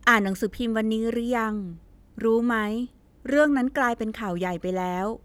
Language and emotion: Thai, neutral